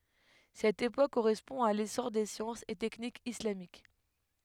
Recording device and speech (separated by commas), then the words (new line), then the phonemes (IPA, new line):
headset microphone, read sentence
Cette époque correspond à l'essor des sciences et techniques islamiques.
sɛt epok koʁɛspɔ̃ a lesɔʁ de sjɑ̃sz e tɛknikz islamik